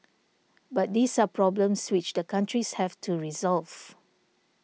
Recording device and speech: mobile phone (iPhone 6), read sentence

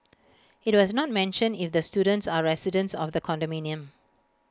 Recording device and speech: close-talking microphone (WH20), read sentence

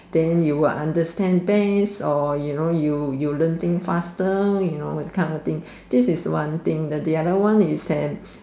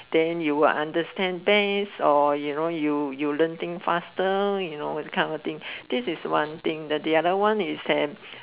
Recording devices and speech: standing microphone, telephone, conversation in separate rooms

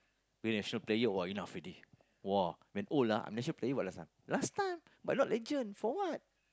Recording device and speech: close-talking microphone, conversation in the same room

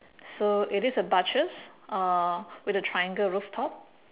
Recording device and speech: telephone, conversation in separate rooms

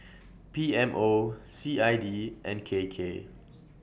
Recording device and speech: boundary microphone (BM630), read sentence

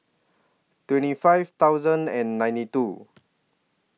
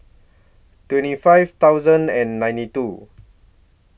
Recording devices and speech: mobile phone (iPhone 6), boundary microphone (BM630), read sentence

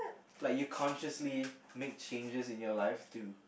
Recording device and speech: boundary microphone, conversation in the same room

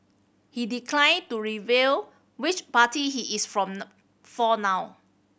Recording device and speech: boundary microphone (BM630), read sentence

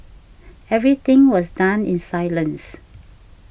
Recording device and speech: boundary microphone (BM630), read sentence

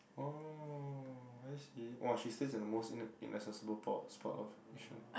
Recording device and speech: boundary microphone, conversation in the same room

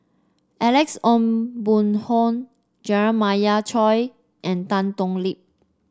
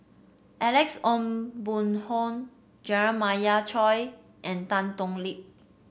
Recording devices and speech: standing microphone (AKG C214), boundary microphone (BM630), read sentence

